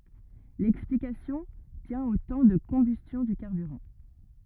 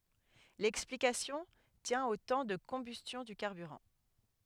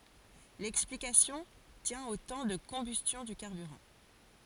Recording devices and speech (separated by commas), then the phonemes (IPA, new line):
rigid in-ear microphone, headset microphone, forehead accelerometer, read sentence
lɛksplikasjɔ̃ tjɛ̃ o tɑ̃ də kɔ̃bystjɔ̃ dy kaʁbyʁɑ̃